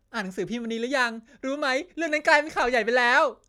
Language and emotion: Thai, happy